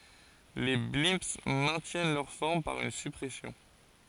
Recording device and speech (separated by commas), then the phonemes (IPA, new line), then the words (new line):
forehead accelerometer, read sentence
le blɛ̃ mɛ̃tjɛn lœʁ fɔʁm paʁ yn syʁpʁɛsjɔ̃
Les blimps maintiennent leur forme par une surpression.